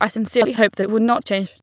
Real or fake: fake